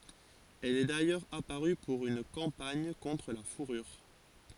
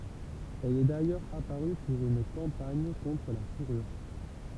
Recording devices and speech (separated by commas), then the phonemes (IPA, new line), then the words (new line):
forehead accelerometer, temple vibration pickup, read sentence
ɛl ɛ dajœʁz apaʁy puʁ yn kɑ̃paɲ kɔ̃tʁ la fuʁyʁ
Elle est d'ailleurs apparue pour une campagne contre la fourrure.